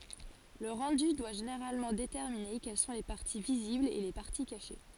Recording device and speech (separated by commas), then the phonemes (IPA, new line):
forehead accelerometer, read sentence
lə ʁɑ̃dy dwa ʒeneʁalmɑ̃ detɛʁmine kɛl sɔ̃ le paʁti viziblz e le paʁti kaʃe